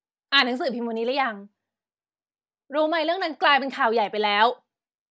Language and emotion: Thai, angry